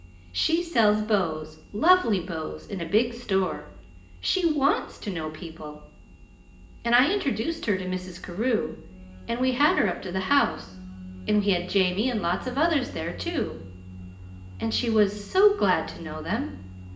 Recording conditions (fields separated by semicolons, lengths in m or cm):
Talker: one person; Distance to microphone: 1.8 m; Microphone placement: close; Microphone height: 1.0 m; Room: large; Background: music